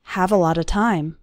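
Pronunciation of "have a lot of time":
In 'have a lot of time', the words 'a lot of' run together into 'a lotta'.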